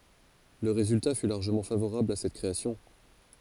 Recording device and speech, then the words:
forehead accelerometer, read sentence
Le résultat fut largement favorable à cette création.

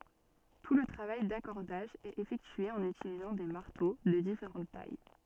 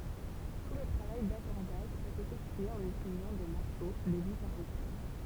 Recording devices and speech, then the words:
soft in-ear microphone, temple vibration pickup, read sentence
Tout le travail d'accordage est effectué en utilisant des marteaux de différentes tailles.

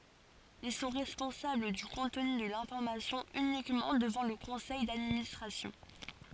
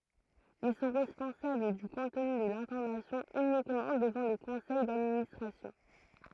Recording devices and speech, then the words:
forehead accelerometer, throat microphone, read sentence
Ils sont responsables du contenu de l'information uniquement devant le conseil d'administration.

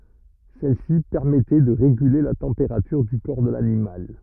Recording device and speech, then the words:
rigid in-ear microphone, read sentence
Celle-ci permettait de réguler la température du corps de l'animal.

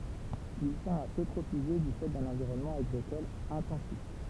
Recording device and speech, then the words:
temple vibration pickup, read sentence
Il tend à s'eutrophiser du fait d'un environnement agricole intensif.

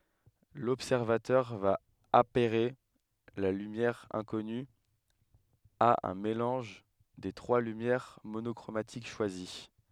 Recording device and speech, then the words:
headset microphone, read sentence
L'observateur va apairer la lumière inconnue à un mélange des trois lumières monochromatiques choisies.

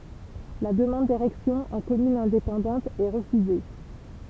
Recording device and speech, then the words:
temple vibration pickup, read sentence
La demande d'érection en commune indépendante est refusée.

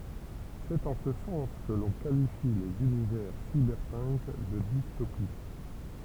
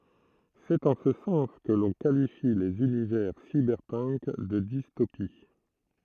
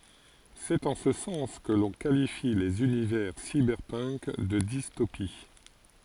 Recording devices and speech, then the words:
temple vibration pickup, throat microphone, forehead accelerometer, read sentence
C'est en ce sens que l'on qualifie les univers cyberpunk de dystopies.

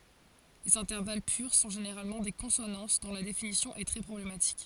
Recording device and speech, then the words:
forehead accelerometer, read sentence
Les intervalles purs sont généralement des consonances, dont la définition est très problématique.

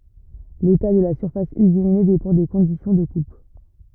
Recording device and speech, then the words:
rigid in-ear microphone, read sentence
L'état de la surface usinée dépend des conditions de coupe.

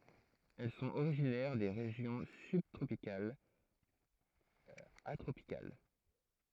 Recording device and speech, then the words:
throat microphone, read sentence
Elles sont originaires des régions sub-tropicales à tropicales.

